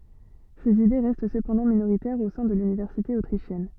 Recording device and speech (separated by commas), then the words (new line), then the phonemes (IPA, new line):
soft in-ear microphone, read sentence
Ses idées restent cependant minoritaires au sein de l'université autrichienne.
sez ide ʁɛst səpɑ̃dɑ̃ minoʁitɛʁz o sɛ̃ də lynivɛʁsite otʁiʃjɛn